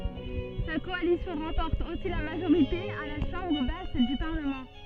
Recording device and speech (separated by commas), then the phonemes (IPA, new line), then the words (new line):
soft in-ear microphone, read sentence
sa kɔalisjɔ̃ ʁɑ̃pɔʁt osi la maʒoʁite a la ʃɑ̃bʁ bas dy paʁləmɑ̃
Sa coalition remporte aussi la majorité à la chambre basse du parlement.